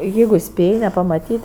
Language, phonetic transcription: Lithuanian, ˈjeigu ˈspėj nepamatyt'

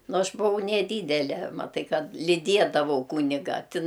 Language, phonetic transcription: Lithuanian, ˈnu ˈaš buˈvau neˈdydele maˈtai ˈkad lyˈdiedavau ˈkūniga tin

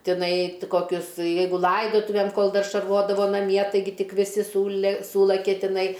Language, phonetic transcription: Lithuanian, tiˈnai t koˈkius ˈjeigu ˈlaidotuvėm kol ˈdar šarˈvodavo naˈmie taiˈgi ˈtik viˈsi ˈsūle ˈsūlakia tiˈnai

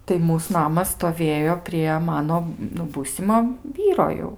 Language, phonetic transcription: Lithuanian, tai ˈmūs ˈnamas stoˈvėjo prie ˈmano nu ˈbūsimo ˈvyro jau

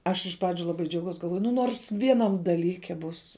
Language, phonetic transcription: Lithuanian, ˈaš iš ˈpradžiu laˈbai džiauˈgaus galˈvoju nu ˈnors ˈvieˌnam daˈlyke būs

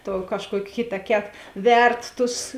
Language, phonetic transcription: Lithuanian, tuo kažˈkuok' ˈkitaˌket ˈvert ˈtus

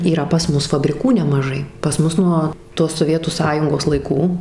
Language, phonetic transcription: Lithuanian, yˈra pas ˈmus fabriˈkų nemaˈžai pas ˈmus nuo tos soˈvietų ˈsąjungos laiˈkų

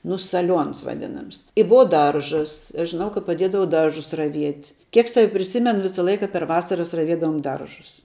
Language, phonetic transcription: Lithuanian, nu saˈliuons vaˈdinams i ˈbua ˈdaržas i aš žiˈnau ka paˈdiedavau ˈdaržus raˈviet' ˈkiek ˈsavi priˈsimenu ˈvisa ˈlaika per ˈvasaras raˈviedavom ˈdaržus

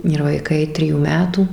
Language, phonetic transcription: Lithuanian, ir vaiˈkai ˈtrijų ˈmetų

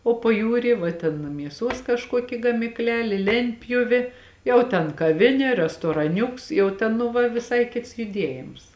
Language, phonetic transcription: Lithuanian, o paˈjūry va ˈten mieˈsuos kažˈkuoki gamikˈlelė ˈlentpjuvė ˈjau ten kaˈvinė restoraˈniuks jau ˈten nu ˈva viˈsai ˈkits juˈdiejims

